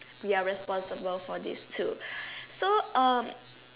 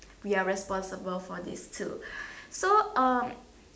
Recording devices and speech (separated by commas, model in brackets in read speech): telephone, standing microphone, conversation in separate rooms